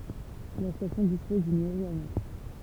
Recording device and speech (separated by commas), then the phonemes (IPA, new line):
temple vibration pickup, read sentence
la stasjɔ̃ dispɔz dyn mɛʁi anɛks